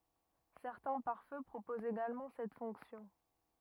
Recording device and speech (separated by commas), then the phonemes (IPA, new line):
rigid in-ear microphone, read sentence
sɛʁtɛ̃ paʁfø pʁopozt eɡalmɑ̃ sɛt fɔ̃ksjɔ̃